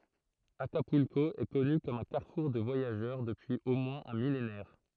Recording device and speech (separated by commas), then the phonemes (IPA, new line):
throat microphone, read sentence
akapylko ɛ kɔny kɔm œ̃ kaʁfuʁ də vwajaʒœʁ dəpyiz o mwɛ̃z œ̃ milenɛʁ